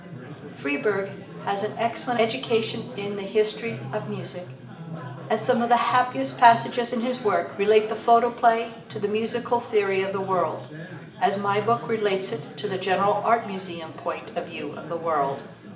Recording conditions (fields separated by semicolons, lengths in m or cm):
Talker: one person; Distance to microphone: 1.8 m; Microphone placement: close; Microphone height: 1.0 m; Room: large; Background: babble